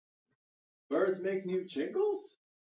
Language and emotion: English, surprised